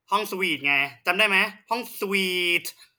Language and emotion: Thai, frustrated